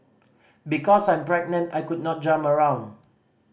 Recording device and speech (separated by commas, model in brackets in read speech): boundary microphone (BM630), read sentence